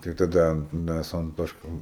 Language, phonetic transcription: Lithuanian, tai taˈda ˈmæs su anˈtoška

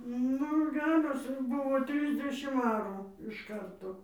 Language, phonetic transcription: Lithuanian, ˈnu ˈgeros ˈbuvo ˈtrisdešim ˈarų iš ˈkarto

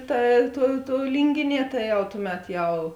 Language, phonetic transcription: Lithuanian, ˈta ˈtuo tuo ˈlyngiˌnie ˈta jau ˈtuˌmet ˈjau

